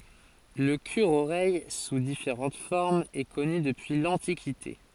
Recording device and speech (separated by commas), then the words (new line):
forehead accelerometer, read sentence
Le cure-oreille, sous différentes formes, est connu depuis l'Antiquité.